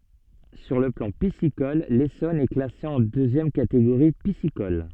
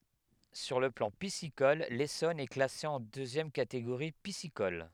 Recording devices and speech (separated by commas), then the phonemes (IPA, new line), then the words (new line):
soft in-ear microphone, headset microphone, read sentence
syʁ lə plɑ̃ pisikɔl lesɔn ɛ klase ɑ̃ døzjɛm kateɡoʁi pisikɔl
Sur le plan piscicole, l'Essonne est classé en deuxième catégorie piscicole.